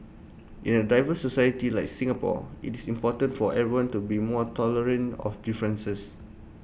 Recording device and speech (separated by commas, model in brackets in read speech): boundary microphone (BM630), read sentence